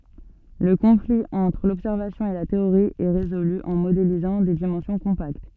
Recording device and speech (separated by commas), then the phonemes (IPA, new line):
soft in-ear microphone, read sentence
lə kɔ̃fli ɑ̃tʁ lɔbsɛʁvasjɔ̃ e la teoʁi ɛ ʁezoly ɑ̃ modelizɑ̃ de dimɑ̃sjɔ̃ kɔ̃pakt